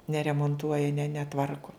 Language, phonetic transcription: Lithuanian, neremonˈtuoja ne neˈtvarku

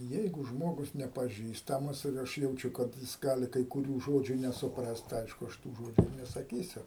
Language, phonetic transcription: Lithuanian, ˈjeigu ˈžmogus nepaˈžįstamas ir ˈaš jauˈčiu kad ˈjis ˈgali kai kuˈrių ˈžodžių nesuˈ prast tai ˈaišku ˈaš tų ˈžodžiu ir nesaˈkysiu

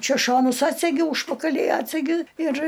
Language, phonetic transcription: Lithuanian, ˈčia ˈšonus ˈatsegi ˈūžpakalį ˈatsegi ir

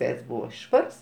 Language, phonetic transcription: Lithuanian, ˈveids ˈbūva ˈšvars

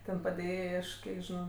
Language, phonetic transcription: Lithuanian, ˈten padėˈjėjai ˈaš ˈkiek žiˈnau

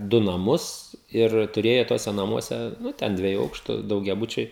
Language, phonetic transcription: Lithuanian, du naˈmus ir tuˈrėjo ˈtuose naˈmuose ˈnu ˈten ˈdvieju ˈaukštu daugiaˈbučiai

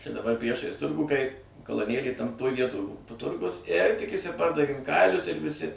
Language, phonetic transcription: Lithuanian, čia daˈbar ˈpriešais ˈturgų kai kaloˈnėlėj tam toj ˈvietoj to ˈturgus ir tik išsiˈpardavėm ˈkailius ir viˈsi

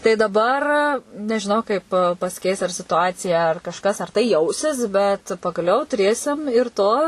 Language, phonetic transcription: Lithuanian, tai daˈbar nežiˈnau kaip pasiˈkeis ar situˈacija ar kažˈkas ar tai ˈjausis bet pagaˈliau tuˈrėsim ir ˈto

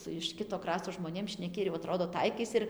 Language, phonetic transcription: Lithuanian, su iš ˈkito ˈkrasto žmoˈnėm šneˈki ir jau aˈtrodo ˈtaikais ir

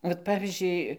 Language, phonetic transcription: Lithuanian, vat ˈpavyzdžiui

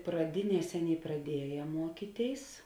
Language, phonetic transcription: Lithuanian, praˈdiˌnies ˈaˌnėi praˈdieja ˈmuokyˌtėis

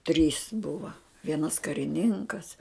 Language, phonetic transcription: Lithuanian, trys ˈbuva ˈvienas kariˈninkas

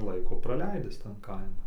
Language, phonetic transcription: Lithuanian, ˈlaiko praˈleidis tan ˈkaiman

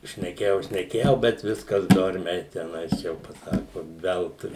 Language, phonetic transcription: Lithuanian, šneˈkėjau šneˈkėjau bet ˈviskas ˈdormiai teˈnais ˈjau paˈsaku ˈveltui

